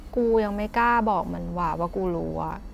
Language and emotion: Thai, frustrated